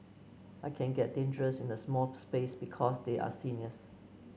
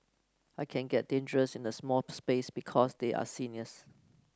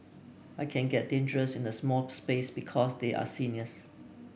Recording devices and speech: mobile phone (Samsung C9), close-talking microphone (WH30), boundary microphone (BM630), read sentence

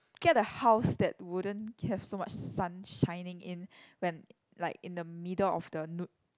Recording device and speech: close-talking microphone, conversation in the same room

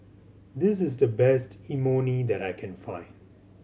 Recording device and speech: mobile phone (Samsung C7100), read sentence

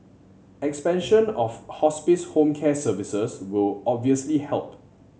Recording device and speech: mobile phone (Samsung C7100), read sentence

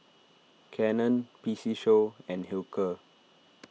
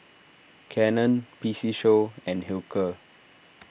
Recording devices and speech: mobile phone (iPhone 6), boundary microphone (BM630), read sentence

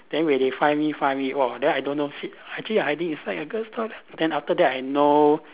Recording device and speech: telephone, conversation in separate rooms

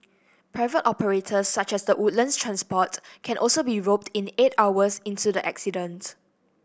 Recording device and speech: boundary microphone (BM630), read sentence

